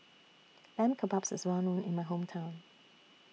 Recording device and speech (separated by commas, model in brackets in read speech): mobile phone (iPhone 6), read sentence